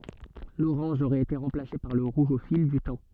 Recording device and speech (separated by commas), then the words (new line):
soft in-ear microphone, read sentence
L'orange aurait été remplacé par le rouge au fil du temps.